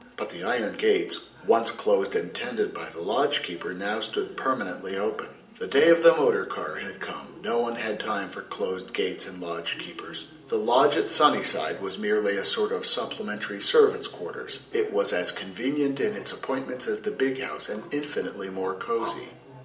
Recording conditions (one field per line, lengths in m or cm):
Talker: one person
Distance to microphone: 1.8 m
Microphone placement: close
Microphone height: 1.0 m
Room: large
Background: television